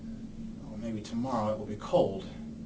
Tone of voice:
angry